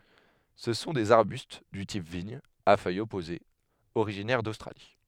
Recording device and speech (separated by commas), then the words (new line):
headset microphone, read sentence
Ce sont des arbustes du type vigne, à feuilles opposées, originaires d'Australie.